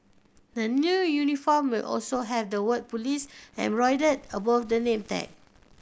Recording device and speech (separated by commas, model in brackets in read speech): boundary microphone (BM630), read sentence